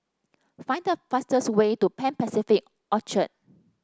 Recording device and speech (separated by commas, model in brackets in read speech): standing microphone (AKG C214), read sentence